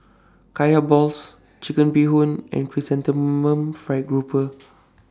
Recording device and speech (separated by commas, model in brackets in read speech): standing microphone (AKG C214), read sentence